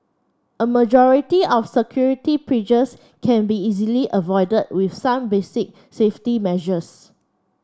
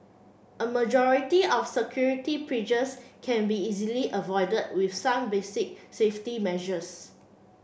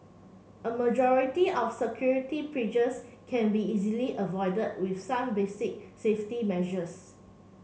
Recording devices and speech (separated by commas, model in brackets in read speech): standing microphone (AKG C214), boundary microphone (BM630), mobile phone (Samsung C7), read sentence